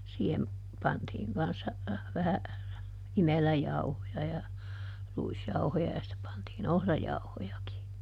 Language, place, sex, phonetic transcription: Finnish, Juupajoki, female, siihem , ˈpantiiŋ kanssa , vähä , ˈimeläjauhoja ja , ˈruisjauhoja ja sⁱtte pantii"n ‿ohrajauhojaki .
- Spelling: siihen pantiin kanssa vähän imeläjauhoja ja ruisjauhoja ja sitten pantiin ohrajauhojakin

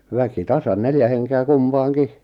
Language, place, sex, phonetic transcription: Finnish, Lappajärvi, male, 'väki "tasan "neljä henke₍ä "kumpaaŋ'ki .
- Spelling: väki tasan neljä henkeä kumpaankin

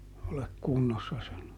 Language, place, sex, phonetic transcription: Finnish, Juupajoki, male, olek "kunnossa (sano) .
- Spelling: ole kunnossa sano

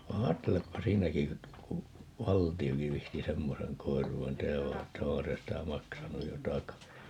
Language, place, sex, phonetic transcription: Finnish, Paavola, male, 'va "aatteleppa "siinäki , ku , "valti₍oki 'vihti "semmoseŋ 'koiruu₍en '"tehäv va että "oha se sitä 'maksanuj jo "taka(si) .
- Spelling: vaan ajattelepa siinäkin kun valtiokin viitsi semmoisen koiruuden tehdä vaan että onhan se sitä maksanut jo takaisin

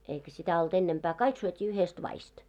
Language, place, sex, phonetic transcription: Finnish, Moloskovitsa, female, eikä sitä olt ‿ennempää , 'kaik syöt́ii 'yhest 'vaist .
- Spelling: eikä sitä ollut ennempää kaikki syötiin yhdestä vadista

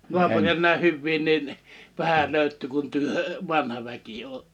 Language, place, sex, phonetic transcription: Finnish, Liperi, male, 'nuapuriʲa nä̀ih 'hyvvii nin , 'vähäl 'löyt̆tyy kun 'työ , "vanha väki (ootte) .
- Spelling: naapureita näin hyviä niin vähän löytyy kuin te vanha väki olette

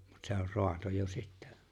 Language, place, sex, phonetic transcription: Finnish, Lapinlahti, male, mut se ‿or 'roato jo 'sittä .
- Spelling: mutta se on raato jo sitten

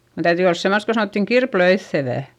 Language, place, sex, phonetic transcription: Finnish, Eurajoki, female, sen täytỳ ols semmost ko sanòttiŋ kirplöiϑϑevä̀ .
- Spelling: sen täytyi olla semmoista kun sanottiin kirpelöitsevää

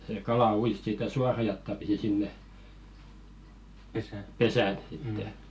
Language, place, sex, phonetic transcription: Finnish, Velkua, male, sè 'kala 'uis sitä "suara jatta pisi sinne , "pesä̀ sitte .
- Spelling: se kala ui sitä suoraa jataa pitkin sinne pesään sitten

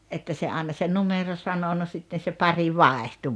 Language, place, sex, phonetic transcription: Finnish, Rautalampi, female, että se 'aaᵉna se "numero 'sano no 'sitten̬ se "pari "vàehtᴜ .
- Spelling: että se aina se numero sanoi no sitten se pari vaihtui

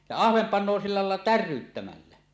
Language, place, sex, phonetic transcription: Finnish, Suomussalmi, male, ja "ahvem 'pan̆no silla làella "tär̆ryyttämällä .
- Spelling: ja ahven panee sillä lailla täryyttämällä

